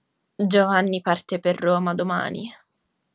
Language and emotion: Italian, sad